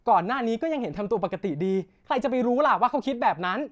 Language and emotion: Thai, angry